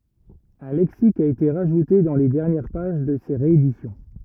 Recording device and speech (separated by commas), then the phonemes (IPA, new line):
rigid in-ear microphone, read sentence
œ̃ lɛksik a ete ʁaʒute dɑ̃ le dɛʁnjɛʁ paʒ də se ʁeedisjɔ̃